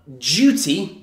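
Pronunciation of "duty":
'Duty' is said the British English way: the u sounds like 'you', with a y sound before the oo.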